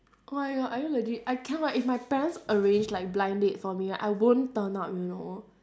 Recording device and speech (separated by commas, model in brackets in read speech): standing microphone, conversation in separate rooms